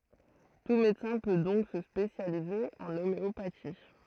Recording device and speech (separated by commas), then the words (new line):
throat microphone, read sentence
Tout médecin peut donc se spécialiser en homéopathie.